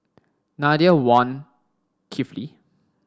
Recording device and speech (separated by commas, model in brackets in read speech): standing microphone (AKG C214), read sentence